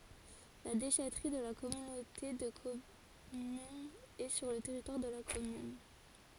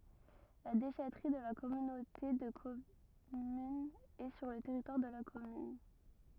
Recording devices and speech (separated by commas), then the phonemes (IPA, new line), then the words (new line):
forehead accelerometer, rigid in-ear microphone, read sentence
la deʃɛtʁi də la kɔmynote də kɔmyn ɛ syʁ lə tɛʁitwaʁ də la kɔmyn
La déchèterie de la communauté de commune est sur le territoire de la commune.